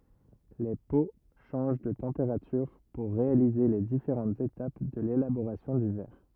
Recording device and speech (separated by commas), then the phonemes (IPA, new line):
rigid in-ear microphone, read sentence
le po ʃɑ̃ʒ də tɑ̃peʁatyʁ puʁ ʁealize le difeʁɑ̃tz etap də lelaboʁasjɔ̃ dy vɛʁ